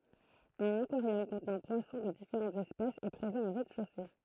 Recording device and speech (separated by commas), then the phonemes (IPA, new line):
throat microphone, read sentence
œ̃n akwaʁjɔm kɔ̃tnɑ̃ pwasɔ̃ də difeʁɑ̃tz ɛspɛsz ɛ pʁezɑ̃ o ʁɛzdɛʃose